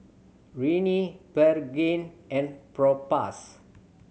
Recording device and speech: mobile phone (Samsung C7100), read sentence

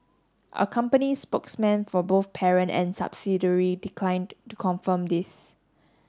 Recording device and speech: standing microphone (AKG C214), read sentence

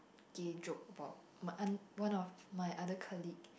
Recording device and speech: boundary microphone, conversation in the same room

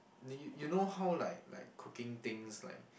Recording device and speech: boundary microphone, conversation in the same room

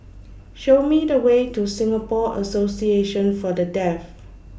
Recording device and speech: boundary microphone (BM630), read sentence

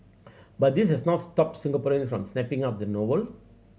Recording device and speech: mobile phone (Samsung C7100), read sentence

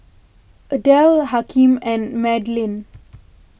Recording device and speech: boundary microphone (BM630), read sentence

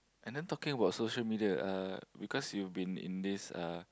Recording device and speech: close-talking microphone, conversation in the same room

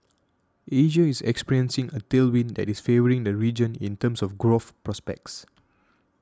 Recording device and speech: standing microphone (AKG C214), read sentence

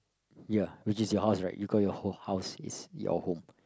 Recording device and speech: close-talking microphone, conversation in the same room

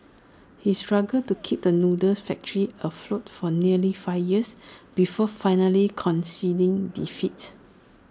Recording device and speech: standing microphone (AKG C214), read sentence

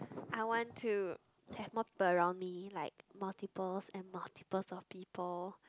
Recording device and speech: close-talking microphone, conversation in the same room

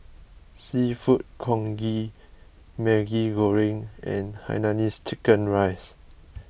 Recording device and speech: boundary microphone (BM630), read sentence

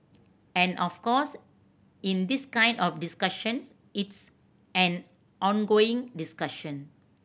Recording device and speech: boundary microphone (BM630), read sentence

